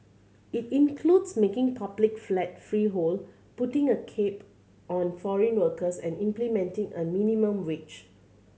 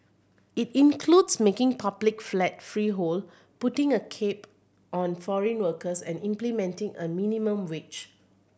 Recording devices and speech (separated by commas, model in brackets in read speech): mobile phone (Samsung C7100), boundary microphone (BM630), read sentence